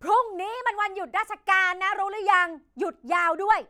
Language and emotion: Thai, angry